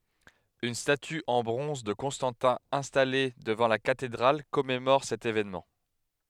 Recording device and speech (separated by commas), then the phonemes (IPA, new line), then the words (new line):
headset microphone, read sentence
yn staty ɑ̃ bʁɔ̃z də kɔ̃stɑ̃tɛ̃ ɛ̃stale dəvɑ̃ la katedʁal kɔmemɔʁ sɛt evenmɑ̃
Une statue en bronze de Constantin installée devant la cathédrale commémore cet événement.